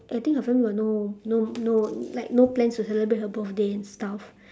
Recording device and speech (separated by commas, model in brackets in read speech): standing microphone, conversation in separate rooms